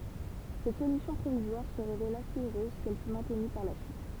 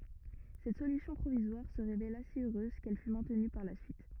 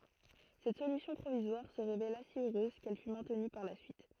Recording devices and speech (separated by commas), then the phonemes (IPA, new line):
temple vibration pickup, rigid in-ear microphone, throat microphone, read sentence
sɛt solysjɔ̃ pʁovizwaʁ sə ʁevela si øʁøz kɛl fy mɛ̃tny paʁ la syit